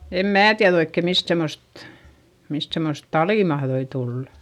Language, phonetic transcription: Finnish, em mää tiäδ ‿oikke mist semmost , mist semmost talì mahδoi tullA .
- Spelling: en minä tiedä oikein mistä semmoista mistä semmoista talia mahtoi tulla

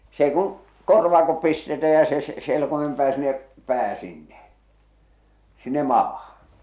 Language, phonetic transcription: Finnish, 's ‿eⁱ kuŋ , 'korvaakop pistetä ja se se- , selkomem pää siⁿⁿᵉ , 'pää 'sinne , sinne 'maahᴀ .
- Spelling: se ei kun korvakot pistetään ja se - selkoimen pää sinne pää sinne sinne maahan

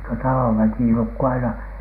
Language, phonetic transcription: Finnish, niiŋkö 'talov väkì nukku aina .
- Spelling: niin kuin talon väki nukkui aina

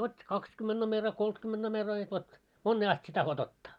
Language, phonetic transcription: Finnish, 'ot́t́i "kakskymmenᴅ nomera 'koltkymmenᴅ nomera ja 'vot , "monnee ast sie taho't ‿ottᴀ .
- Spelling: otti kaksikymmentä numero kolmekymmentä numero ja vot moneen asti sinä tahdot ottaa

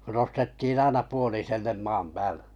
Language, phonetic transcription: Finnish, nostettiin 'aina 'puolisellem 'maam päälᴇ .
- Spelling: nostettiin aina puoliselle maan päälle

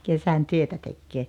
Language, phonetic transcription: Finnish, 'kesän 'työtä tekkee .
- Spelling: kesän työtä tekee

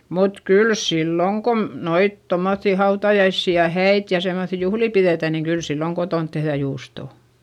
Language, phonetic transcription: Finnish, mut kyl silloŋ kom- , noit tommoϑϑì hautajaissi ja häit ja semmoϑi juhlì piδètä niiŋ kyl silloŋ kotont tehδä juustò .
- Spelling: mutta kyllä silloin kun noita tuommoisia hautajaisia ja häitä ja semmoisia juhlia pidetään niin kyllä silloin kotona tehdään juustoa

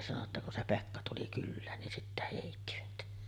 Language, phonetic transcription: Finnish, sano ‿tta kun se "Pekka tuli 'kyllään nin sittä hèittivät .
- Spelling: sanoi jotta kun se Pekka tuli kylään niin sitten heittivät

